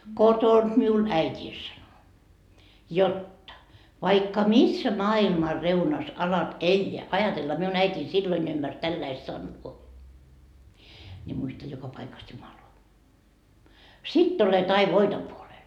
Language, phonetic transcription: Finnish, 'kotonD miul "äit́ii sano , 'jotta , » vaikka "missä 'maa₍ilma 'reunas alat "eĺĺeä » - ajatella miun 'äit́iin silloin ymmmärs 'tälläi 'sannoo - » ni muista 'joka 'paikas 'Jumaloa , "sitt ‿olet ai "voito puolel .
- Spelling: kotoa minulle äitini sanoi jotta vaikka missä maailman reunassa alat elää ajatella minun äitini silloin ymmärsi tällä lailla sanoa niin muista joka paikassa Jumalaa sitten olet aina voiton puolella

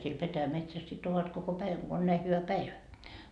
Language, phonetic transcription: Finnish, siel 'petäjämetsäs sit ovat koko "päiväŋ Go on 'näi 'hyvä "päivä .
- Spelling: siellä petäjämetsässä sitten ovat koko päivän kun on näin hyvä päivä

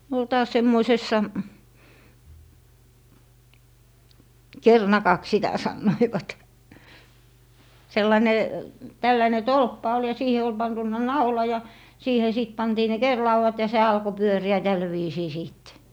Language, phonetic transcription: Finnish, ne ol 'taas 'semmoisessa , "ker'nakaks 'sitä 'sannoivat , 'sellane , 'tälläne "tolppa ol ja 'siihe ol 'pantunna "naula ja , 'siihe sìt 'pantii ne "kerlauwat ja se 'alko "pyöri₍ä 'täl viisii 'sìt .
- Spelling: ne oli taas semmoisessa kerinakaksi sitä sanoivat sellainen tällainen tolppa oli ja siihen oli pantu naula ja siihen sitten pantiin ne kerinlaudat ja se alkoi pyöriä tällä viisiin sitten

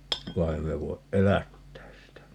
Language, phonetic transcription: Finnish, va 'ei me voiʼ "ʼelättääs sitä » .
- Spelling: vaan ei me voi elättää sitä

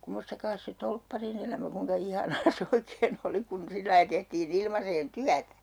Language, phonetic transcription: Finnish, 'kummostakaas se 'tolppari'n ‿elämä 'kuiŋka ihanaa se 'oikee'n ‿oli kun 'sillai 'tehtii"n ‿ilmaseen "tyätÄ .
- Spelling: kummoistas se torpparin elämä kuinka ihanaa se oikein oli kun sillä lailla tehtiin ilmaiseen työtä

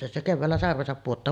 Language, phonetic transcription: Finnish, ja se 'kevväällä 'sarvesap puottaa .
- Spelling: ja se keväällä sarvensa pudottaa

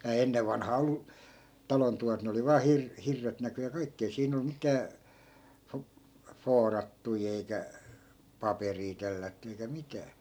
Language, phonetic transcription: Finnish, ei̮hää 'ennev vanhaa 'ollu , 'talon tuvat 'ne oli vaa 'hir- , "hirret näky ja 'kaikki , ei 'siin ‿ol 'mitää , fo- , "foorattui eikä , "paperii 'tellätty eikä 'mitää .
- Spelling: eihän ennen vanhaan ollut talon tuvat ne oli vain - hirret näkyi ja kaikki ei siinä ollut mitään - vuorattuja eikä paperia tellätty eikä mitään

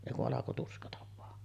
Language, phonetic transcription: Finnish, èi ku’ '’alako 'tuskata vaa .
- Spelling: ei kun alkoi tuskata vain

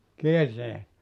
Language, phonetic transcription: Finnish, 'kierteet ?
- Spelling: kierteet

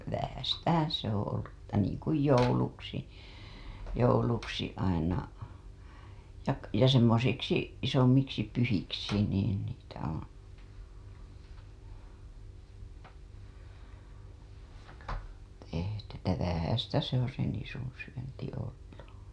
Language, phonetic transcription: Finnish, 'vähästähää̰ se ‿oo̰ ollu ‿ttä niiŋ kuj 'jouluksi , 'jouluksi aina , ja k- , ja semmosiksi 'isommiksi 'pyhiksi niin niitä oo̰ , tehty ‿tä 'vähästä se ‿oo̰ se 'nisun̬ syönti ollu .
- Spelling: vähäistähän se on ollut että niin kuin jouluksi jouluksi aina ja - ja semmoisiksi isommiksi pyhiksi niin niitä ole tehty että vähäistä se on se nisun syönti ollut

